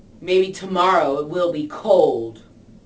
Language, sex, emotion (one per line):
English
female
disgusted